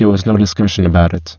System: VC, spectral filtering